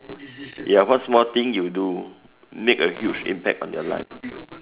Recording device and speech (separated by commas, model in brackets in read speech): telephone, conversation in separate rooms